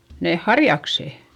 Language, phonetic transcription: Finnish, neeh harjaksè .
- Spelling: ne harjakset

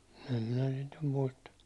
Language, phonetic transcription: Finnish, em minä sit num 'muista .
- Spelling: en minä sitä nyt muista

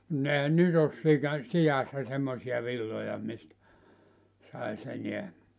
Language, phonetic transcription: Finnish, (mut) 'ehän "nyt ‿os 'sika- , "sijassa semmosi₍a 'villoja mistä , 'sais 'eneä .
- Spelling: mutta eihän nyt ole - siassa semmoisia villoja mistä saisi enää

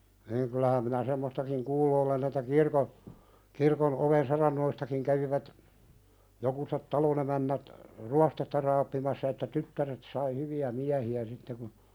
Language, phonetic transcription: Finnish, niiŋ kyl̆lähäm minä 'semmostakiŋ "kuullu olen ‿että 'kirko , kirkon '’oven sarannoistakiŋ kävivät , jokuset "talonemännät , "ruas-tetta raappimassa että "tyttäret sai hyvi₍ä 'miähi₍ä sitte kun ,.
- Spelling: niin kyllähän minä semmoistakin kuullut olen että kirkon kirkon oven saranoistakin kävivät jokuset talonemännät ruostetta raapimassa että tyttäret sai hyviä miehiä sitten kun

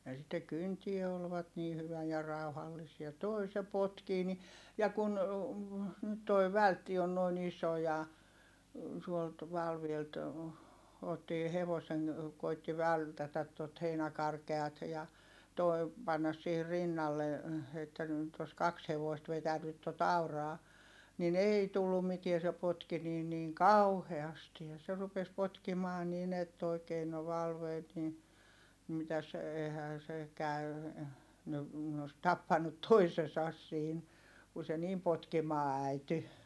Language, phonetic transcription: Finnish, ja sitte kyntie olvat nii hyvä ja ràuhallisia(.) toi se potkii ni , ja kun , nyt toi vältti on noin ‿iso ja , tuolt , Valvielt , ottii hevoseŋ , koitti vältätät tot heinäkarkeat ja , toi̮ , pannas siihir rinnalle , että nỳt ‿os kaks hevoist vetänyt tot ‿auraa , nin ‿èi tullum mitie se potki niin niiŋ kauheasti ja se rupes potkimaa nin ‿ett ‿oikee no Valveet ni , mitäs , eihää se , käy̬ , ne , ne os tappannut toisesas siin , ku se niim potkimaa ä̀ity .
- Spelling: ja sitten kyntää olivat niin hyvä ja rauhallisia tuo se potkii niin ja kun nyt tuo vältti on noin iso ja tuolta Valvelta otti hevosen koetti vältätä tuota heinäkarkeata ja tuo panna siihen rinnalle että nyt olisi kaksi hevosta vetänyt tuota auraa niin ei tullut mitään se potki niin niin kauheasti ja se rupesi potkimaan niin että oikein no Valveet niin mitäs eihän se käy ne ne olisi tappanut toisensa siinä kun se niin potkimaan äityi

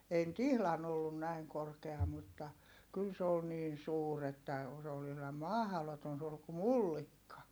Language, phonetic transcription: Finnish, ei nʸt ‿ihlan ‿ollun näiŋ korkea mutta , kyl se ol niin̬ suur ‿että , o- s ‿ol ihlam mahᵃloton suur ku mullikka .
- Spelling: ei nyt ihan ollut näin korkea mutta kyllä se oli niin suuri että - se oli ihan mahdoton suuri kuin mullikka

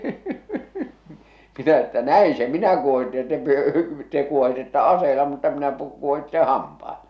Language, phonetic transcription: Finnish, minä että » "näi se "minä kuohitte ja te pyö- , 'te kuohitetta "aseela mutta minä pu- , kuohitteḛ "hampaela . «
- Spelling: minä että näin se minä kuohitsen ja te - te kuohitsette aseella mutta minä - kuohitsen hampailla

